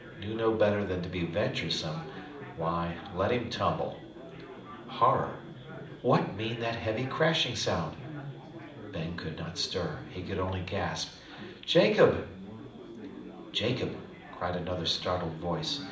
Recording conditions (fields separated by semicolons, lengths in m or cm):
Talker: one person; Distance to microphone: 2.0 m; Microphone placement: close; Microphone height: 99 cm; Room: medium-sized (5.7 m by 4.0 m); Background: babble